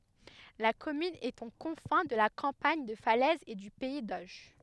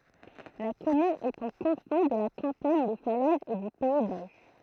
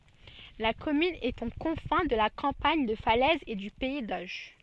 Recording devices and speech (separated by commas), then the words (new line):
headset microphone, throat microphone, soft in-ear microphone, read sentence
La commune est aux confins de la campagne de Falaise et du pays d'Auge.